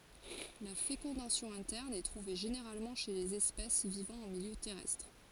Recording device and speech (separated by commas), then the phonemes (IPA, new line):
forehead accelerometer, read sentence
la fekɔ̃dasjɔ̃ ɛ̃tɛʁn ɛ tʁuve ʒeneʁalmɑ̃ ʃe lez ɛspɛs vivɑ̃ ɑ̃ miljø tɛʁɛstʁ